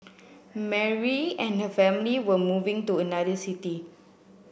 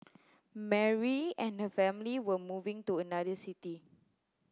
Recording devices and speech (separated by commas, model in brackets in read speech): boundary microphone (BM630), close-talking microphone (WH30), read sentence